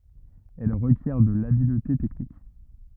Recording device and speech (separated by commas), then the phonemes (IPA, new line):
rigid in-ear microphone, read sentence
ɛl ʁəkjɛʁ də labilte tɛknik